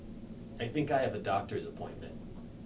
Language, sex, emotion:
English, male, neutral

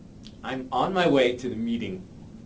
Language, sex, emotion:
English, male, neutral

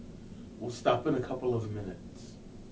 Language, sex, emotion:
English, male, neutral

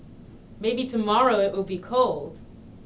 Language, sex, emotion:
English, female, neutral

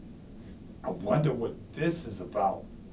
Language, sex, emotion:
English, male, disgusted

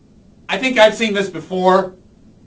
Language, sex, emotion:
English, male, disgusted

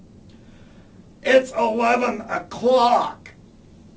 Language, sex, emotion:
English, male, disgusted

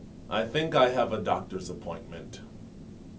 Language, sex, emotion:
English, male, neutral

